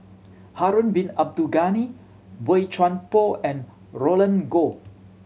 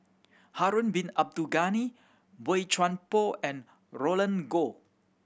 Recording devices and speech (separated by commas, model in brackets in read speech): mobile phone (Samsung C7100), boundary microphone (BM630), read sentence